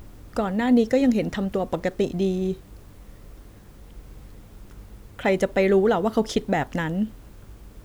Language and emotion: Thai, sad